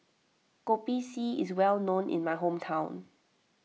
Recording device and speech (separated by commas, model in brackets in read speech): mobile phone (iPhone 6), read sentence